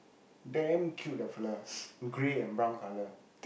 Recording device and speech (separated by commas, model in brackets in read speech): boundary microphone, conversation in the same room